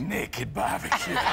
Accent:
boston accent